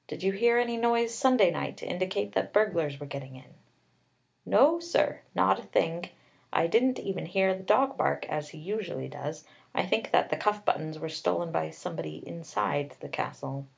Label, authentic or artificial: authentic